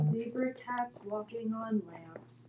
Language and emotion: English, sad